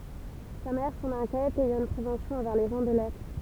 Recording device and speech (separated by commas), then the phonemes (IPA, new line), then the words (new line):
temple vibration pickup, read sentence
sa mɛʁ sɑ̃n ɛ̃kjɛt ɛjɑ̃ yn pʁevɑ̃sjɔ̃ ɑ̃vɛʁ le ʒɑ̃ də lɛtʁ
Sa mère s'en inquiète, ayant une prévention envers les gens de lettres.